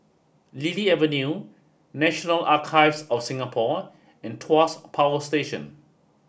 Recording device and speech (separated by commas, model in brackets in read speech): boundary microphone (BM630), read sentence